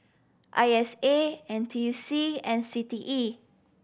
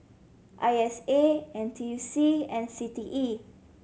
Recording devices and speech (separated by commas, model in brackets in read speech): boundary microphone (BM630), mobile phone (Samsung C7100), read sentence